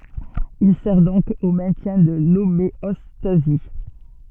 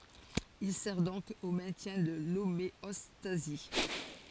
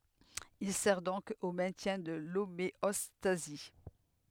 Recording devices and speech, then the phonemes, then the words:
soft in-ear microphone, forehead accelerometer, headset microphone, read sentence
il sɛʁ dɔ̃k o mɛ̃tjɛ̃ də lomeɔstazi
Il sert donc au maintien de l’homéostasie.

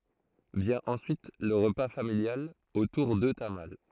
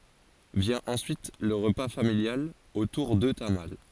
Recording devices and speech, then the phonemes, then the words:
throat microphone, forehead accelerometer, read sentence
vjɛ̃ ɑ̃syit lə ʁəpa familjal otuʁ də tamal
Vient ensuite le repas familial autour de tamales.

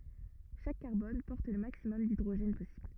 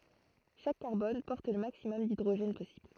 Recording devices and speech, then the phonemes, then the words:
rigid in-ear microphone, throat microphone, read sentence
ʃak kaʁbɔn pɔʁt lə maksimɔm didʁoʒɛn pɔsibl
Chaque carbone porte le maximum d'hydrogènes possible.

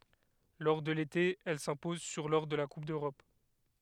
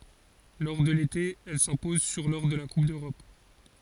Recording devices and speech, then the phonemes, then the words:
headset microphone, forehead accelerometer, read sentence
lɔʁ də lete ɛl sɛ̃pɔz syʁ lɔʁ də la kup døʁɔp
Lors de l'été, elle s'impose sur lors de la Coupe d'Europe.

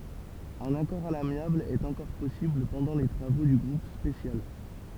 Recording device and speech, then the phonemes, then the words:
temple vibration pickup, read sentence
œ̃n akɔʁ a lamjabl ɛt ɑ̃kɔʁ pɔsibl pɑ̃dɑ̃ le tʁavo dy ɡʁup spesjal
Un accord à l'amiable est encore possible pendant les travaux du groupe spécial.

